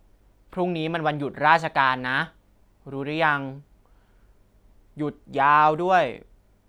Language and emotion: Thai, frustrated